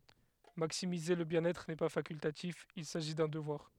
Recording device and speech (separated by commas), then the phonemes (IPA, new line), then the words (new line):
headset microphone, read sentence
maksimize lə bjɛ̃n ɛtʁ nɛ pa fakyltatif il saʒi dœ̃ dəvwaʁ
Maximiser le bien-être n'est pas facultatif, il s'agit d'un devoir.